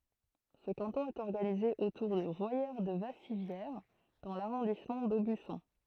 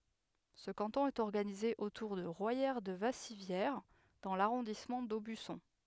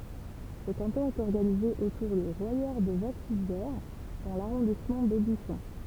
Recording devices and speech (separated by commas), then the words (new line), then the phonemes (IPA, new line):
throat microphone, headset microphone, temple vibration pickup, read sentence
Ce canton est organisé autour de Royère-de-Vassivière dans l'arrondissement d'Aubusson.
sə kɑ̃tɔ̃ ɛt ɔʁɡanize otuʁ də ʁwajɛʁədəvasivjɛʁ dɑ̃ laʁɔ̃dismɑ̃ dobysɔ̃